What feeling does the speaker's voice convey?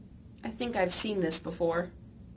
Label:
neutral